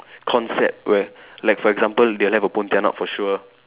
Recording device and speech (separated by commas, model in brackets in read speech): telephone, conversation in separate rooms